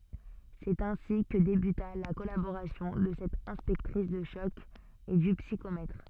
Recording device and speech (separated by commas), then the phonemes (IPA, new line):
soft in-ear microphone, read sentence
sɛt ɛ̃si kə debyta la kɔlaboʁasjɔ̃ də sɛt ɛ̃spɛktʁis də ʃɔk e dy psikomɛtʁ